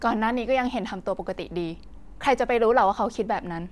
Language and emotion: Thai, neutral